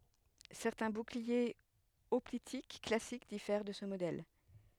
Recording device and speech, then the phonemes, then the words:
headset microphone, read sentence
sɛʁtɛ̃ buklie ɔplitik klasik difɛʁ də sə modɛl
Certains boucliers hoplitiques classiques diffèrent de ce modèle.

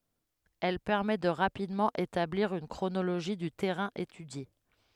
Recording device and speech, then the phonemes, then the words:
headset microphone, read sentence
ɛl pɛʁmɛ də ʁapidmɑ̃ etabliʁ yn kʁonoloʒi dy tɛʁɛ̃ etydje
Elle permet de rapidement établir une chronologie du terrain étudié.

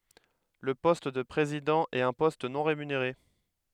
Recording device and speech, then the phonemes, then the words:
headset microphone, read sentence
lə pɔst də pʁezidɑ̃ ɛt œ̃ pɔst nɔ̃ ʁemyneʁe
Le poste de président est un poste non rémunéré.

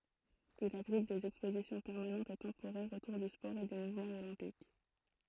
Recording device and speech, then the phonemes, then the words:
throat microphone, read sentence
il abʁit dez ɛkspozisjɔ̃ pɛʁmanɑ̃tz e tɑ̃poʁɛʁz otuʁ dy spɔʁ e dy muvmɑ̃ olɛ̃pik
Il abrite des expositions permanentes et temporaires autour du sport et du mouvement olympique.

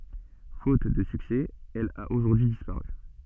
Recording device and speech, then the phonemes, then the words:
soft in-ear microphone, read sentence
fot də syksɛ ɛl a oʒuʁdyi dispaʁy
Faute de succès, elle a aujourd'hui disparu.

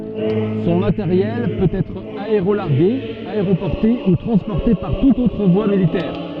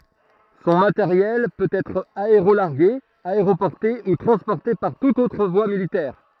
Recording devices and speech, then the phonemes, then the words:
soft in-ear microphone, throat microphone, read sentence
sɔ̃ mateʁjɛl pøt ɛtʁ aeʁolaʁɡe aeʁopɔʁte u tʁɑ̃spɔʁte paʁ tutz otʁ vwa militɛʁ
Son matériel peut être aérolargué, aéroporté ou transporté par toutes autres voies militaires.

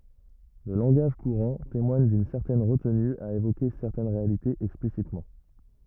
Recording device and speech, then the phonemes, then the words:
rigid in-ear microphone, read sentence
lə lɑ̃ɡaʒ kuʁɑ̃ temwaɲ dyn sɛʁtɛn ʁətny a evoke sɛʁtɛn ʁealitez ɛksplisitmɑ̃
Le langage courant témoigne d'une certaine retenue à évoquer certaines réalités explicitement.

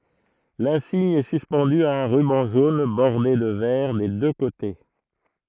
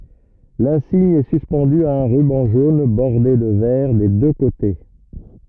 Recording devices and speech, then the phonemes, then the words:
throat microphone, rigid in-ear microphone, read sentence
lɛ̃siɲ ɛ syspɑ̃dy a œ̃ ʁybɑ̃ ʒon bɔʁde də vɛʁ de dø kote
L'insigne est suspendu à un ruban jaune bordé de vert des deux côtés.

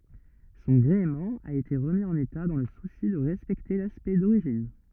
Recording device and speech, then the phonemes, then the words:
rigid in-ear microphone, read sentence
sɔ̃ ɡʁeəmɑ̃ a ete ʁəmi ɑ̃n eta dɑ̃ lə susi də ʁɛspɛkte laspɛkt doʁiʒin
Son gréement a été remis en état dans le souci de respecter l'aspect d'origine.

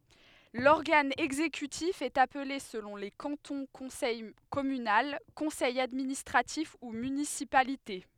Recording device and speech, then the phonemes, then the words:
headset microphone, read sentence
lɔʁɡan ɛɡzekytif ɛt aple səlɔ̃ le kɑ̃tɔ̃ kɔ̃sɛj kɔmynal kɔ̃sɛj administʁatif u mynisipalite
L'organe exécutif est appelé selon les cantons conseil communal, Conseil administratif ou municipalité.

